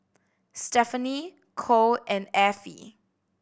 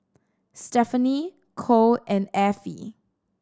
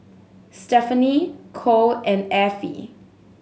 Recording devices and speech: boundary microphone (BM630), standing microphone (AKG C214), mobile phone (Samsung S8), read sentence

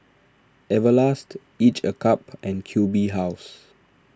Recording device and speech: standing microphone (AKG C214), read sentence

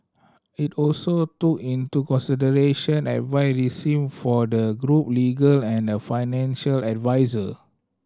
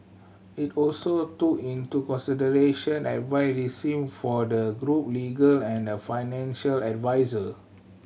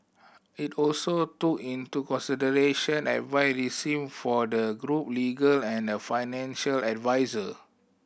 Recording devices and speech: standing microphone (AKG C214), mobile phone (Samsung C7100), boundary microphone (BM630), read sentence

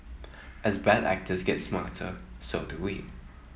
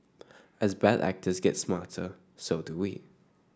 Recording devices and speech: mobile phone (iPhone 7), standing microphone (AKG C214), read sentence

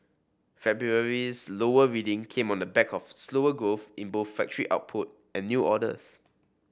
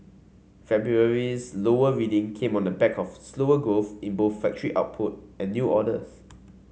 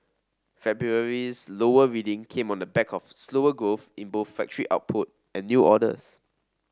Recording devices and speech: boundary microphone (BM630), mobile phone (Samsung C5), standing microphone (AKG C214), read sentence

